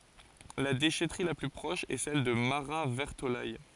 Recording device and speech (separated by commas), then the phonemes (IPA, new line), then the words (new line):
forehead accelerometer, read sentence
la deʃɛtʁi la ply pʁɔʃ ɛ sɛl də maʁatvɛʁtolɛj
La déchèterie la plus proche est celle de Marat-Vertolaye.